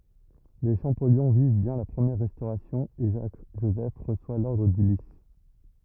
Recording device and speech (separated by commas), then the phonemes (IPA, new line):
rigid in-ear microphone, read sentence
le ʃɑ̃pɔljɔ̃ viv bjɛ̃ la pʁəmjɛʁ ʁɛstoʁasjɔ̃ e ʒak ʒozɛf ʁəswa lɔʁdʁ dy lis